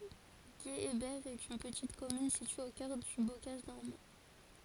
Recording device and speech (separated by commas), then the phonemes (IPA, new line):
forehead accelerometer, read sentence
ɡeebɛʁ ɛt yn pətit kɔmyn sitye o kœʁ dy bokaʒ nɔʁmɑ̃